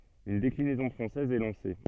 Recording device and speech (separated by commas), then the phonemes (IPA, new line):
soft in-ear microphone, read sentence
yn deklinɛzɔ̃ fʁɑ̃sɛz ɛ lɑ̃se